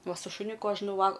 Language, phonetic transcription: Lithuanian, ˈva su šuˈniuku ˈaš nuˈval

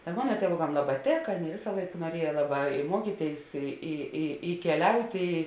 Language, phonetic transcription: Lithuanian, ta ˈmona tieˈvokam ˈlaˌbā ˈtėka ˈvėsa ˈlaik nuoˈrieja ˈlaˌbā i ˈmuokyˌtėis i i i keˈliauti

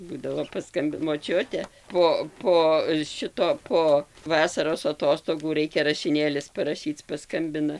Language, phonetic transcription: Lithuanian, ˈbūdavo paˈskambi moˈčiute po ˈpo ˈšito ˈpo ˈvasaros aˈtostogų ˈraikia rašiˈnėlis paraˈšyc paˈskambina

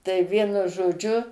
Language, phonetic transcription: Lithuanian, tai ˈvienu žoˈdžiu

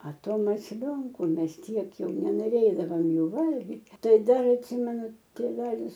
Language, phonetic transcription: Lithuanian, a ˈto masˈlionku ˈmes ˈtiek ˈjau nenoˈrėdavom ˈjų ˈvalgit' ˈtai ˈdar atˈsymenu tėˈvelis

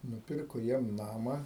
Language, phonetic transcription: Lithuanian, nuˈpirko ˈjiem ˈnama

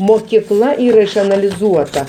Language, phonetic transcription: Lithuanian, mokyˈkla ˈyra išanaliˈzuota

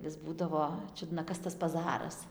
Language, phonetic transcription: Lithuanian, vis ˈbūdavo ˈčiudna ˈkas tas paˈzaras

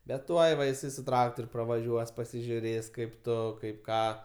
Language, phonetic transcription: Lithuanian, bet ˈtuoj va iˈsai su ˈtraktor' pravaˈžiuos pasižiuˈrės kaip ˈtu kaip ˈką

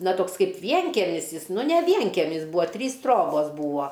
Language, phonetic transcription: Lithuanian, na ˈtoks ˈkaip ˈvienkemis ˈjis ˈnu ne ˈvienkemis ˈbūa ˈtrys ˈtrobos ˈbūa

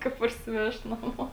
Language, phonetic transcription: Lithuanian, ˈka parsiˈvežt naˈmo

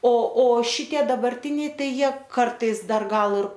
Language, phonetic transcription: Lithuanian, o o ˈšitie dabarˈtiniai ˈtai ˈjie ˈkartais ˈdar ˈgal ir

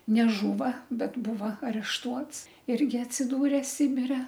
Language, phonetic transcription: Lithuanian, neˈžūva bet ˈbūva arešˈtuots ˈirgi atsiˈdūrė ˈsibire

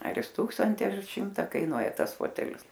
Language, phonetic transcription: Lithuanian, ar jis ˈtūksanti ar ˈšimta kaiˈnuoja ˈtas ˈfotelis

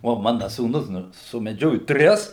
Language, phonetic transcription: Lithuanian, o ˈmana sūˈnus ˈnu sumeˈdžioju ˈtris

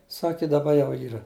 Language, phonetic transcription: Lithuanian, ˈsaki daˈba ˈjau ˈyra

